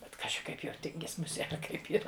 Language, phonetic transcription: Lithuanian, bet ˈkaži ˈkaip jau ˈtingis muˈsie ar ˈkaip yˈra

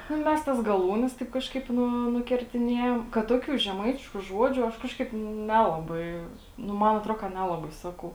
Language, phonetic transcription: Lithuanian, ˈnu ˈmes ˈtas gaˈlūnes ˈtaip kažˈkaip ˈnu nukertiˈnėjam kad ˈtokių žeˈmaitišku ˈžuodžiu ˈaš ˈkažˌkaip ˈnelabai ˈnu ˈman atˈro ka ˈnelabai ˈsakau

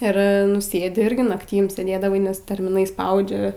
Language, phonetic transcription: Lithuanian, ir ˈnu ˈsėdi ˈirgi nakˈtym sėˈdėdavai nes termiˈnai ˈspaudžia

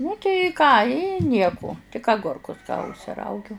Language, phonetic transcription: Lithuanian, nu tai ˈką i ˈnieku tik aˈgurkus užsiˈraugiu

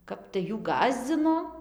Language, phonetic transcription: Lithuanian, ˈkap tai ˈjų ˈgąsdzino

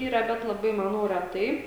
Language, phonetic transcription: Lithuanian, ˈyra bet laˈbai maˈnau reˈtai

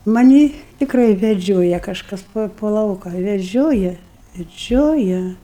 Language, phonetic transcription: Lithuanian, maˈnį tikˈrai veˈdžioja kažˈkas po po ˈlauka veˈžioja veˈdžioja

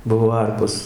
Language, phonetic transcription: Lithuanian, ˈbuvo ˈarpos

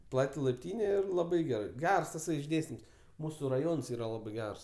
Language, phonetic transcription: Lithuanian, ˈplati laipˈtyne ˈir laˈbai geˈrai ˈgers taˈsai išˈdėstims ˈmūsu raˈjons ˈyra ˈlabɜ ˈgers

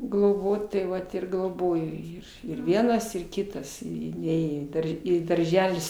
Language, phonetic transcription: Lithuanian, gloˈbot tai ˈvat ir gloˈbojo jį ir ˈvienas ir ˈkitas i i ˈnėjo į ˈdar i darˈželis

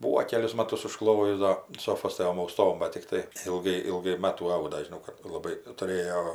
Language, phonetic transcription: Lithuanian, ˈbūo ˈkelius ˈmatus užˈklojus ˈdo un ˈsofos ˈtom auˈstom ˈbat tikˈtai ilˈgai ilˈgai ˈmatų ˈauda žiˈnau kad laˈbai tuˈrėjo

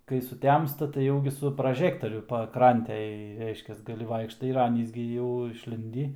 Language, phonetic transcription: Lithuanian, kai suˈtemsta tai ˈjau gi su praˈžektoriu paˈkrantėj ˈreiškias ˈgali ˈvaikštai ir ˈanys gi jau išˈlindį

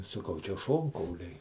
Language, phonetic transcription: Lithuanian, saˈkau čia ˈšonkauliai

